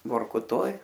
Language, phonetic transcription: Lithuanian, vorkuˈtoj

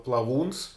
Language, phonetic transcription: Lithuanian, plaˈvūns

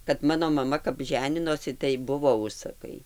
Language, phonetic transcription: Lithuanian, kad ˈmano maˈma kap ˈženinosi tai ˈbuvo ˈužsakai

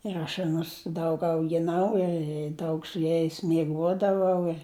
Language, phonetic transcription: Lithuanian, ir aš aˈnus ˈdaug augiˈnau i ˈdaug su ˈjais mieˈguodavau ir

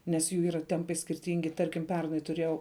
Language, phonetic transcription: Lithuanian, nes ˈjų ˈyra ˈtempai skirˈtingi ˈtarkim ˈpernai tuˈrėjau

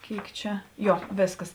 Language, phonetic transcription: Lithuanian, ˈkėik ˈčia ˈjo ˈvėsˌkas

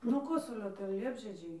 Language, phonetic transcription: Lithuanian, nuo ˈkosulio ˈten ˈliepžiedžiai

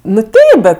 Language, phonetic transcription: Lithuanian, nu ˈteip bet

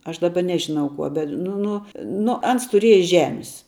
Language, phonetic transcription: Lithuanian, ˈaš daˈba ˈnežinau ˈkuo bet nu ˈnu ˈnu ˈans tuˈrieja ˈžemis

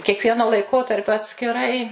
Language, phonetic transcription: Lithuanian, kiekˈvieno laiˈkotarpio atskiˈrai

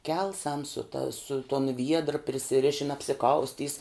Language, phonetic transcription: Lithuanian, ˈkelsam su ta su ton ˈviedrə prisiˈrišin apsiˈkaustys

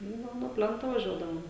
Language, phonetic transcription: Lithuanian, ˈnu ˈnu nuo ˈplento vaˈžiuodavom

